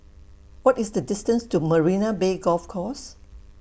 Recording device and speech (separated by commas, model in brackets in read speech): boundary microphone (BM630), read sentence